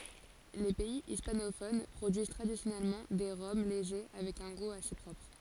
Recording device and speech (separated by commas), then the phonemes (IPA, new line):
forehead accelerometer, read sentence
le pɛi ispanofon pʁodyiz tʁadisjɔnɛlmɑ̃ de ʁɔm leʒe avɛk œ̃ ɡu ase pʁɔpʁ